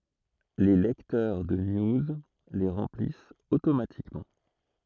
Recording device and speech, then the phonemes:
throat microphone, read sentence
le lɛktœʁ də niuz le ʁɑ̃plist otomatikmɑ̃

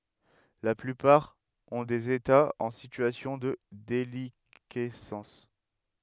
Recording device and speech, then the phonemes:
headset microphone, read sentence
la plypaʁ ɔ̃ dez etaz ɑ̃ sityasjɔ̃ də delikɛsɑ̃s

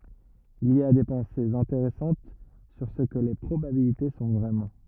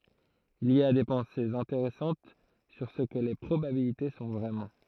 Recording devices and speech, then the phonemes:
rigid in-ear microphone, throat microphone, read sentence
il i a de pɑ̃sez ɛ̃teʁɛsɑ̃t syʁ sə kə le pʁobabilite sɔ̃ vʁɛmɑ̃

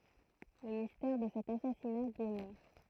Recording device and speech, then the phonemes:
throat microphone, read sentence
lə mistɛʁ də sɛt asasina dəmœʁ

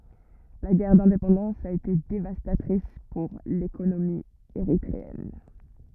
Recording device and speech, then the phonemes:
rigid in-ear microphone, read sentence
la ɡɛʁ dɛ̃depɑ̃dɑ̃s a ete devastatʁis puʁ lekonomi eʁitʁeɛn

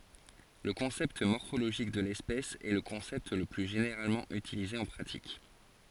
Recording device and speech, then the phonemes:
forehead accelerometer, read sentence
lə kɔ̃sɛpt mɔʁfoloʒik də lɛspɛs ɛ lə kɔ̃sɛpt lə ply ʒeneʁalmɑ̃ ytilize ɑ̃ pʁatik

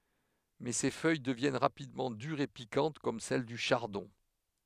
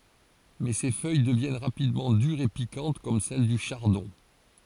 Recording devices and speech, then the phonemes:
headset microphone, forehead accelerometer, read sentence
mɛ se fœj dəvjɛn ʁapidmɑ̃ dyʁz e pikɑ̃t kɔm sɛl dy ʃaʁdɔ̃

